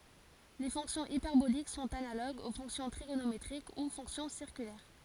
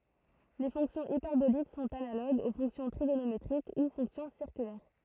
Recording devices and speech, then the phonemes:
forehead accelerometer, throat microphone, read sentence
le fɔ̃ksjɔ̃z ipɛʁbolik sɔ̃t analoɡz o fɔ̃ksjɔ̃ tʁiɡonometʁik u fɔ̃ksjɔ̃ siʁkylɛʁ

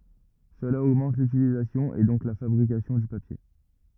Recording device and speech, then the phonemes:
rigid in-ear microphone, read sentence
səla oɡmɑ̃t lytilizasjɔ̃ e dɔ̃k la fabʁikasjɔ̃ dy papje

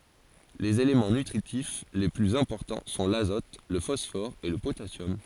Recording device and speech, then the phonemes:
forehead accelerometer, read sentence
lez elemɑ̃ nytʁitif le plyz ɛ̃pɔʁtɑ̃ sɔ̃ lazɔt lə fɔsfɔʁ e lə potasjɔm

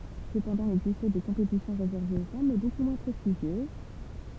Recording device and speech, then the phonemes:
temple vibration pickup, read sentence
səpɑ̃dɑ̃ il ɛɡzistɛ de kɔ̃petisjɔ̃ ʁezɛʁvez o fam mɛ boku mwɛ̃ pʁɛstiʒjøz

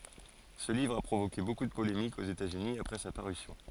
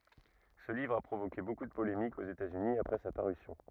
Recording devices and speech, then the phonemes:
forehead accelerometer, rigid in-ear microphone, read sentence
sə livʁ a pʁovoke boku də polemikz oz etatsyni apʁɛ sa paʁysjɔ̃

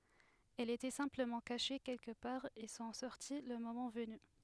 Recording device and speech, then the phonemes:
headset microphone, read sentence
ɛlz etɛ sɛ̃pləmɑ̃ kaʃe kɛlkə paʁ e sɔ̃ sɔʁti lə momɑ̃ vəny

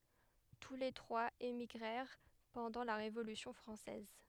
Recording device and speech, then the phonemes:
headset microphone, read sentence
tu le tʁwaz emiɡʁɛʁ pɑ̃dɑ̃ la ʁevolysjɔ̃ fʁɑ̃sɛz

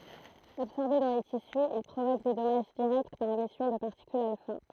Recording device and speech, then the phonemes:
throat microphone, read sentence
absɔʁbe dɑ̃ le tisy il pʁovok de dɔmaʒ diʁɛkt paʁ emisjɔ̃ də paʁtikylz alfa

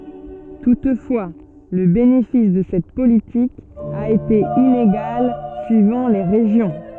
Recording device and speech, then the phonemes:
soft in-ear microphone, read sentence
tutfwa lə benefis də sɛt politik a ete ineɡal syivɑ̃ le ʁeʒjɔ̃

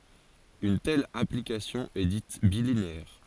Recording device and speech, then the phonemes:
forehead accelerometer, read sentence
yn tɛl aplikasjɔ̃ ɛ dit bilineɛʁ

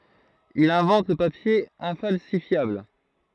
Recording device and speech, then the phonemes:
throat microphone, read sentence
il ɛ̃vɑ̃t lə papje ɛ̃falsifjabl

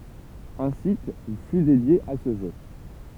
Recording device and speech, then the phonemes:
temple vibration pickup, read sentence
œ̃ sit fy dedje a sə ʒø

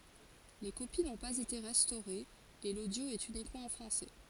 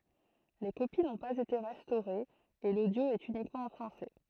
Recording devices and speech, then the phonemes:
forehead accelerometer, throat microphone, read sentence
le kopi nɔ̃ paz ete ʁɛstoʁez e lodjo ɛt ynikmɑ̃ ɑ̃ fʁɑ̃sɛ

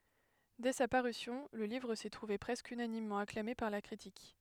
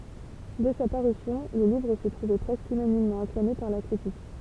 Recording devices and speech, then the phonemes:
headset microphone, temple vibration pickup, read sentence
dɛ sa paʁysjɔ̃ lə livʁ sɛ tʁuve pʁɛskə ynanimmɑ̃ aklame paʁ la kʁitik

